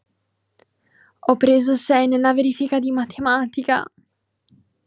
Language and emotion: Italian, fearful